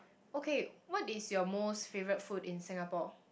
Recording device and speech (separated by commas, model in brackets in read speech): boundary microphone, conversation in the same room